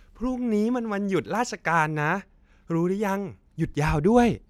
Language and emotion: Thai, happy